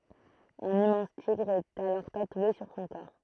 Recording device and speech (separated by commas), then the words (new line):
throat microphone, read sentence
Un immense tigre est alors tatoué sur son corps.